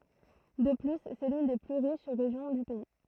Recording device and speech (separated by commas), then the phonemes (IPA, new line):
throat microphone, read sentence
də ply sɛ lyn de ply ʁiʃ ʁeʒjɔ̃ dy pɛi